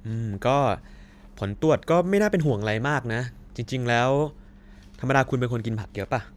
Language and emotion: Thai, neutral